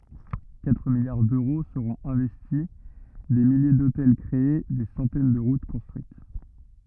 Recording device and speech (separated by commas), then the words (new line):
rigid in-ear microphone, read sentence
Quatre milliards d'euros seront investis, des milliers d'hôtels créés, des centaines de routes construites.